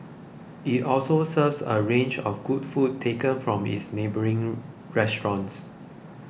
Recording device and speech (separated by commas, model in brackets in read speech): boundary microphone (BM630), read sentence